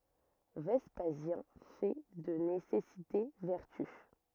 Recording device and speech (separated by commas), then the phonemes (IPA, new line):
rigid in-ear microphone, read sentence
vɛspazjɛ̃ fɛ də nesɛsite vɛʁty